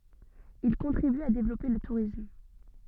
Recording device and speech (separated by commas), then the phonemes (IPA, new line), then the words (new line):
soft in-ear microphone, read sentence
il kɔ̃tʁiby a devlɔpe lə tuʁism
Il contribue à développer le tourisme.